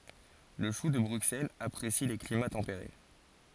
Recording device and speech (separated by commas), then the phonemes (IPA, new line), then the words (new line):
forehead accelerometer, read sentence
lə ʃu də bʁyksɛlz apʁesi le klima tɑ̃peʁe
Le chou de Bruxelles apprécie les climats tempérés.